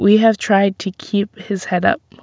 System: none